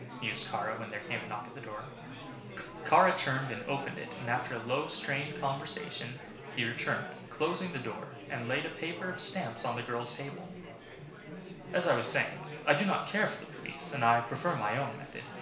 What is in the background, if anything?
Crowd babble.